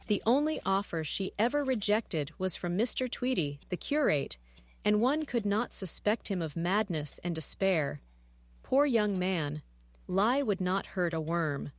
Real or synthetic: synthetic